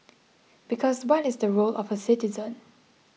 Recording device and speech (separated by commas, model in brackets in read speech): mobile phone (iPhone 6), read sentence